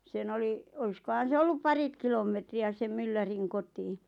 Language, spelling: Finnish, sen oli olisikohan se ollut pari kilometriä sen myllärin kotiin
- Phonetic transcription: 'sen ‿oli , 'oiskohan̬ se 'ollup "parit kilom̆metri₍ä sem 'mylläriŋ kotii .

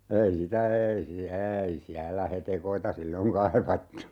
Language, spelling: Finnish, ei sitä ei siellä ei siellä hetekoita silloin kaivattu
- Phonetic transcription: 'ei sitä 'eei siä "eei 'siällä 'hetekoita "silloŋ 'kaivattu .

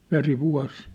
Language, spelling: Finnish, veri vuosi
- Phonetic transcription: 'veri 'vua̭s .

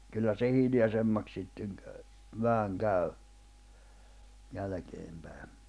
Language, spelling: Finnish, kyllä se hiljaisemmaksi sitten kävi vähän kävi jälkeen päin
- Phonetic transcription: kyllä se 'hiljasemmak 'sitteŋ kä̀y , 'vähäŋ 'käy̬ , 'jälᵃ̈keem pä̀e .

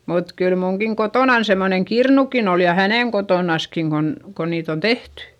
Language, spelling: Finnish, mutta kyllä minunkin kotonani semmoinen kirnukin oli ja hänen kotonaankin kun kun niitä on tehty
- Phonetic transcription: mut kyl muŋkiŋ kotònan semmoneŋ kirnukin ‿ol - ja hänèŋ kotònaskiŋ kon , ko niit ‿on tehty .

